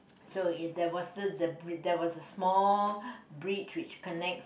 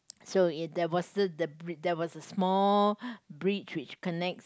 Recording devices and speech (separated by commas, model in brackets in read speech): boundary microphone, close-talking microphone, conversation in the same room